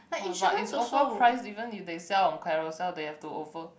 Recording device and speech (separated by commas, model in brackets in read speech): boundary microphone, conversation in the same room